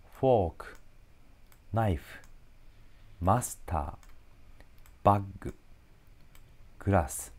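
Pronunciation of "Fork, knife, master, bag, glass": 'Fork, knife, master, bag, glass' are said with Japanese-style pronunciation, not English pronunciation.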